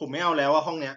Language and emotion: Thai, frustrated